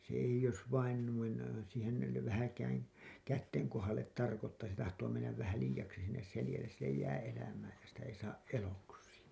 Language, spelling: Finnish, se ei jos vain noin siihen - vähänkään käsien kohdalle tarkoittaa se tahtoo mennä vähän liiaksi sinne selälleen sille jää elämää ja sitä ei saa eloksi
- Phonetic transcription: se eiʲ ‿jos vain nuin , siihen yle- , vähäkääŋ , "kätteŋ 'kohal̆let tarkottaa se tahtoo mennäv vähä 'liijaksi sinnes 'selĭjälles sillej jää 'elämää ja sitä ei saaˀ 'ˀeloksi .

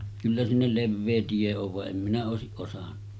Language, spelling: Finnish, kyllä sinne leveä tie on vaan en minä olisi osannut
- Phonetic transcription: kyllä sinnel "levvee 'tie ov va’ ’em minä òesiˀ ˀosaɴɴᴀ .

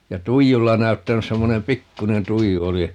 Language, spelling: Finnish, ja tuijulla näyttänyt semmoinen pikkuinen tuiju oli
- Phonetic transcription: ja "tuijulla 'näy̬ttänys - 'semmonem "pikkunen 'tuiju 'oli ,.

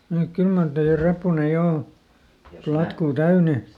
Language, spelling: Finnish, mutta kyllä mar teidän reppunne jo on platkua täynnä
- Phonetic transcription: muk ˈkyl mar tei₍ä ˈreppunne jo o , platkuu täyne !

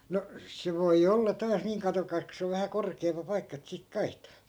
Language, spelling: Finnish, no se voi olla taas niin katsokaas kun se on vähän korkeampi paikka että sitten kaihtaa
- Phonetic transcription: no , 'se voi olla 'taas niiŋ 'katokais ko se ov vähä 'korkeempa 'paikka et sik "kaihtAA .

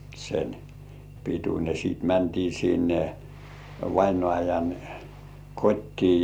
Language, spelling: Finnish, sen pituinen sitten mentiin sinne vainajan kotiin
- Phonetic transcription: sen , pituńe , sì§t 'mäntii sinne , 'vainŏàjan , "kot́tii .

